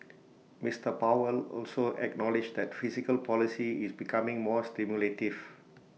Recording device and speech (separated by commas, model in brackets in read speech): mobile phone (iPhone 6), read sentence